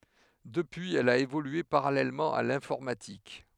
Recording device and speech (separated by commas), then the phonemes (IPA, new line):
headset microphone, read sentence
dəpyiz ɛl a evolye paʁalɛlmɑ̃ a lɛ̃fɔʁmatik